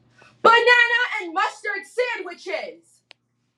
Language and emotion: English, neutral